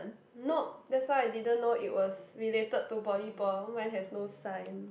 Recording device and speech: boundary microphone, conversation in the same room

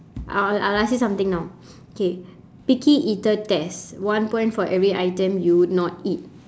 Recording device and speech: standing microphone, conversation in separate rooms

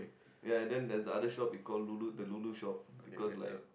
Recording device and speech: boundary microphone, conversation in the same room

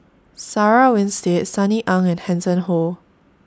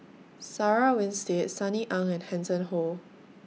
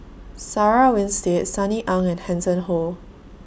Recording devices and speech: standing microphone (AKG C214), mobile phone (iPhone 6), boundary microphone (BM630), read sentence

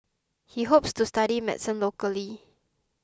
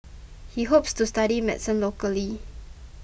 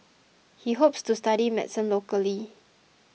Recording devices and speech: close-talking microphone (WH20), boundary microphone (BM630), mobile phone (iPhone 6), read sentence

